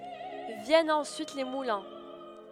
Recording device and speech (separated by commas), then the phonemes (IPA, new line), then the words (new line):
headset microphone, read sentence
vjɛnt ɑ̃syit le mulɛ̃
Viennent ensuite les moulins.